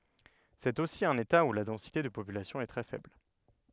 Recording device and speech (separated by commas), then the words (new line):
headset microphone, read sentence
C'est aussi un État où la densité de population est très faible.